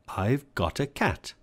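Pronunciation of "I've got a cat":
In 'I've got a cat', the word 'a' is said in its weak form, as the schwa sound 'uh'.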